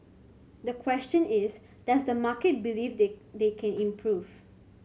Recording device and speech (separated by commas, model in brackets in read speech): mobile phone (Samsung C7100), read sentence